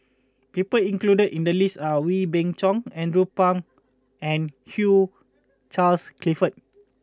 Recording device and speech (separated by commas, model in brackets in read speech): close-talking microphone (WH20), read sentence